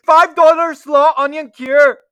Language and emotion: English, fearful